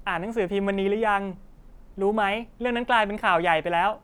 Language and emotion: Thai, neutral